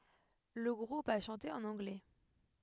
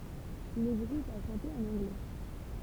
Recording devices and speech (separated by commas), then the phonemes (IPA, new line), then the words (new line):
headset microphone, temple vibration pickup, read sentence
lə ɡʁup a ʃɑ̃te ɑ̃n ɑ̃ɡlɛ
Le groupe a chanté en anglais.